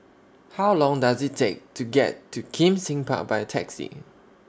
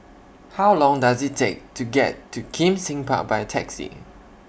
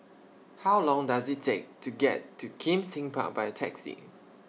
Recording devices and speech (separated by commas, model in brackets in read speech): standing microphone (AKG C214), boundary microphone (BM630), mobile phone (iPhone 6), read sentence